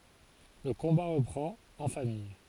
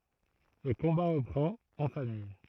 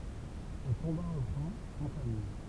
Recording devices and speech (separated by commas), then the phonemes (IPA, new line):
forehead accelerometer, throat microphone, temple vibration pickup, read sentence
lə kɔ̃ba ʁəpʁɑ̃t ɑ̃ famij